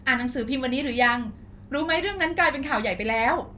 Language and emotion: Thai, frustrated